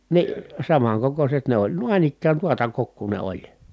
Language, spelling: Finnish, niin samankokoiset ne oli noin ikään tuota kokoa ne oli
- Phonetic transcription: ni , samaŋkokoset ne ‿oĺ nuaⁱn ‿ikkään tuota kokkuu ne oĺ .

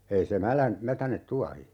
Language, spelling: Finnish, ei se - mätäne tuohi
- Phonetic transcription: 'ei se "mälän- , 'mätänet "tuahi .

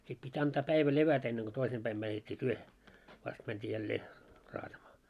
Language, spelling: Finnish, sitten piti antaa päivä levätä ennen kuin toisin päin mätettiin työhön vasta mentiin jälleen raatamaan
- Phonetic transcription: 'sit pit́ 'antaa 'päivä "levätä enneŋ ɢo 'toisem 'päim mätet́t́i 'työhe , 'vast mänt́ii 'jällee , 'raatamaa .

